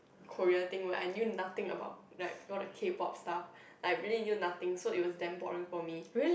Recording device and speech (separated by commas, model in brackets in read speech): boundary microphone, conversation in the same room